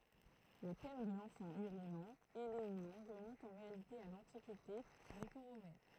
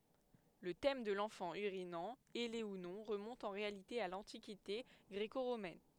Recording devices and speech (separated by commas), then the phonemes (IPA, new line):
throat microphone, headset microphone, read sentence
lə tɛm də lɑ̃fɑ̃ yʁinɑ̃ ɛle u nɔ̃ ʁəmɔ̃t ɑ̃ ʁealite a lɑ̃tikite ɡʁeko ʁomɛn